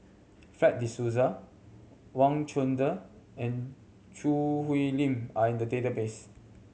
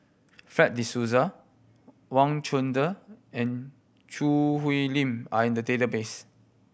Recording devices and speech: mobile phone (Samsung C7100), boundary microphone (BM630), read sentence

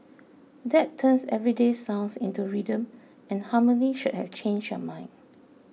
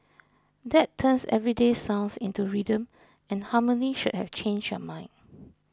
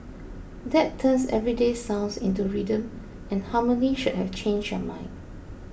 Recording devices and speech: mobile phone (iPhone 6), close-talking microphone (WH20), boundary microphone (BM630), read sentence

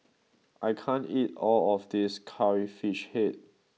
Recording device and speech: mobile phone (iPhone 6), read sentence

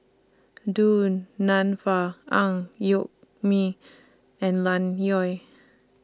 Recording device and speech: standing microphone (AKG C214), read sentence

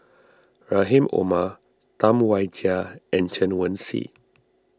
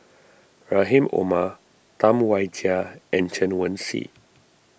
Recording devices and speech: standing microphone (AKG C214), boundary microphone (BM630), read sentence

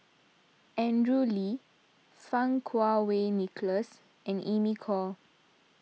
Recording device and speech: mobile phone (iPhone 6), read sentence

